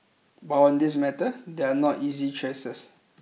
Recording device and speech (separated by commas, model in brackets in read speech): mobile phone (iPhone 6), read sentence